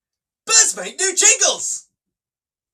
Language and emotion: English, surprised